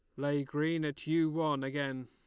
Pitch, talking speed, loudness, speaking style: 145 Hz, 195 wpm, -33 LUFS, Lombard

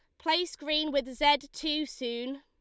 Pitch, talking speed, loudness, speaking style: 290 Hz, 165 wpm, -29 LUFS, Lombard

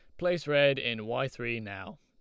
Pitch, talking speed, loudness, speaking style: 130 Hz, 200 wpm, -29 LUFS, Lombard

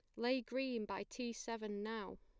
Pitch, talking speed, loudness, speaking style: 230 Hz, 180 wpm, -43 LUFS, plain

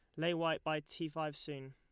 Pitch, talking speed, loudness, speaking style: 155 Hz, 235 wpm, -39 LUFS, Lombard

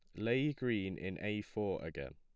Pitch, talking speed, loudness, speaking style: 105 Hz, 185 wpm, -38 LUFS, plain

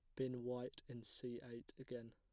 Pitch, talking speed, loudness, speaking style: 125 Hz, 185 wpm, -49 LUFS, plain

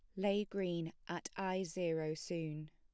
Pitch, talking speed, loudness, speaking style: 175 Hz, 145 wpm, -40 LUFS, plain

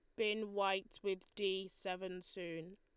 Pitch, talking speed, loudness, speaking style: 190 Hz, 140 wpm, -41 LUFS, Lombard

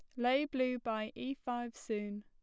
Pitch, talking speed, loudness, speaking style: 240 Hz, 175 wpm, -37 LUFS, plain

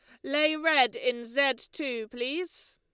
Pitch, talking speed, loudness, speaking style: 290 Hz, 145 wpm, -27 LUFS, Lombard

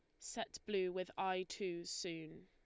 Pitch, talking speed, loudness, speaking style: 185 Hz, 160 wpm, -43 LUFS, Lombard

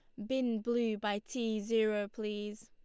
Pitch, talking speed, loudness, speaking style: 220 Hz, 155 wpm, -35 LUFS, Lombard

